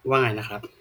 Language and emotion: Thai, neutral